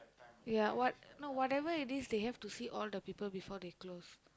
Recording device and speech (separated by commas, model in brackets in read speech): close-talking microphone, conversation in the same room